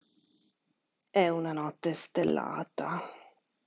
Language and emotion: Italian, disgusted